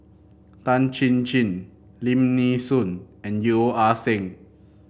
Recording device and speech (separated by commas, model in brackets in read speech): boundary microphone (BM630), read sentence